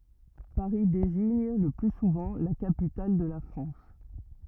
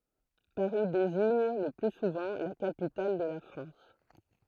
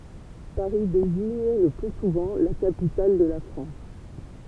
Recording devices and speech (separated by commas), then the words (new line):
rigid in-ear microphone, throat microphone, temple vibration pickup, read sentence
Paris désigne le plus souvent la capitale de la France.